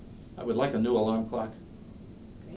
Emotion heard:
neutral